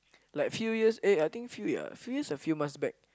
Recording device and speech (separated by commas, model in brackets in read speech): close-talking microphone, conversation in the same room